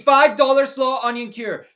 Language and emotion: English, happy